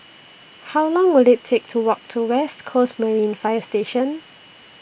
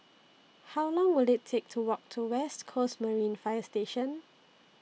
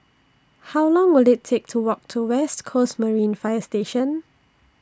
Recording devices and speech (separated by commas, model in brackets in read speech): boundary microphone (BM630), mobile phone (iPhone 6), standing microphone (AKG C214), read sentence